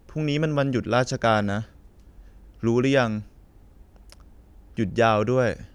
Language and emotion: Thai, frustrated